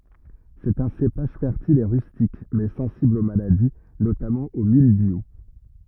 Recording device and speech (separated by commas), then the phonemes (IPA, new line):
rigid in-ear microphone, read sentence
sɛt œ̃ sepaʒ fɛʁtil e ʁystik mɛ sɑ̃sibl o maladi notamɑ̃ o mildju